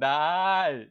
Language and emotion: Thai, happy